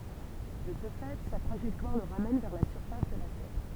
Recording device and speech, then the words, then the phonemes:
temple vibration pickup, read sentence
De ce fait, sa trajectoire le ramène vers la surface de la Terre.
də sə fɛ sa tʁaʒɛktwaʁ lə ʁamɛn vɛʁ la syʁfas də la tɛʁ

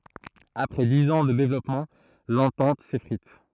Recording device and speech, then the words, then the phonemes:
throat microphone, read sentence
Après dix ans de développement, l’entente s’effrite.
apʁɛ diz ɑ̃ də devlɔpmɑ̃ lɑ̃tɑ̃t sefʁit

